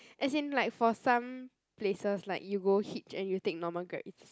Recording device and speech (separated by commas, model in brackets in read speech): close-talking microphone, conversation in the same room